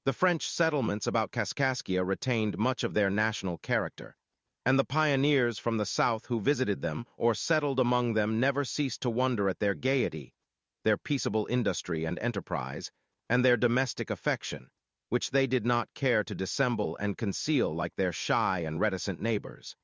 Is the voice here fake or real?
fake